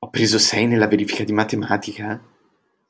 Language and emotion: Italian, surprised